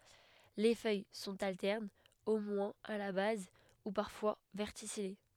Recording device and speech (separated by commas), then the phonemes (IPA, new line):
headset microphone, read sentence
le fœj sɔ̃t altɛʁnz o mwɛ̃z a la baz u paʁfwa vɛʁtisije